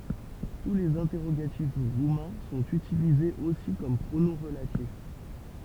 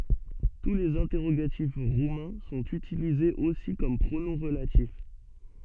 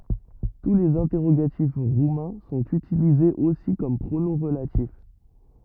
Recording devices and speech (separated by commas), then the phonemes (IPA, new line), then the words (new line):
temple vibration pickup, soft in-ear microphone, rigid in-ear microphone, read sentence
tu lez ɛ̃tɛʁoɡatif ʁumɛ̃ sɔ̃t ytilizez osi kɔm pʁonɔ̃ ʁəlatif
Tous les interrogatifs roumains sont utilisés aussi comme pronoms relatifs.